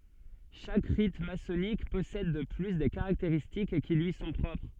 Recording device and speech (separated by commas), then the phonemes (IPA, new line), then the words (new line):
soft in-ear microphone, read sentence
ʃak ʁit masɔnik pɔsɛd də ply de kaʁakteʁistik ki lyi sɔ̃ pʁɔpʁ
Chaque rite maçonnique possède de plus des caractéristiques qui lui sont propres.